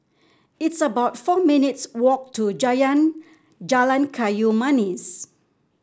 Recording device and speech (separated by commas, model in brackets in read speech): standing microphone (AKG C214), read sentence